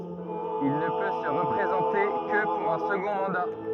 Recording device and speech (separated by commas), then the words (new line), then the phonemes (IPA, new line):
rigid in-ear microphone, read sentence
Il ne peut se représenter que pour un second mandat.
il nə pø sə ʁəpʁezɑ̃te kə puʁ œ̃ səɡɔ̃ mɑ̃da